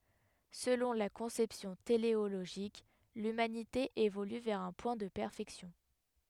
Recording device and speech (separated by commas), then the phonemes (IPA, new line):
headset microphone, read sentence
səlɔ̃ la kɔ̃sɛpsjɔ̃ teleoloʒik lymanite evoly vɛʁ œ̃ pwɛ̃ də pɛʁfɛksjɔ̃